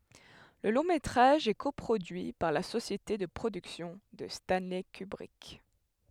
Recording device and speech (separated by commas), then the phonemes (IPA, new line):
headset microphone, read sentence
lə lɔ̃ metʁaʒ ɛ ko pʁodyi paʁ la sosjete də pʁodyksjɔ̃ də stɑ̃lɛ kybʁik